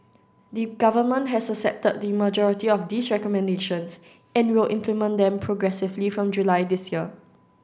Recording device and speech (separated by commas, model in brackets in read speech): standing microphone (AKG C214), read sentence